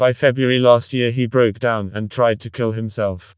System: TTS, vocoder